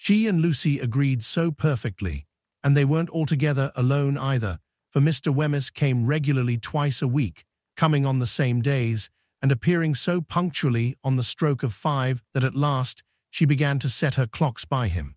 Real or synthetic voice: synthetic